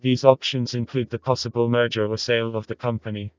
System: TTS, vocoder